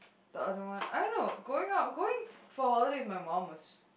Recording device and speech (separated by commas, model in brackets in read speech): boundary microphone, conversation in the same room